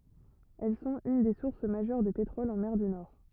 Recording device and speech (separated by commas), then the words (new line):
rigid in-ear microphone, read sentence
Elles sont une des sources majeures de pétrole en mer du Nord.